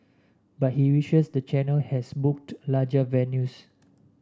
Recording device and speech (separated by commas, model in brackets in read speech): standing microphone (AKG C214), read sentence